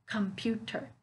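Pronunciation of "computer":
'Computer' is said incorrectly here: it sounds choppy, with a little pause between the syllables instead of running smoothly all the way through.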